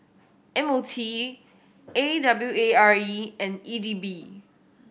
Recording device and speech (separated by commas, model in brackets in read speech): boundary microphone (BM630), read sentence